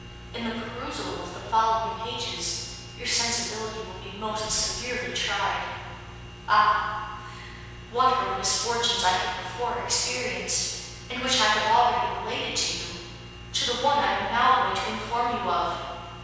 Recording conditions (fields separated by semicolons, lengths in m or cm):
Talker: one person; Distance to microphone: 7.1 m; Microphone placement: far; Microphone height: 1.7 m; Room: very reverberant, large; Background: none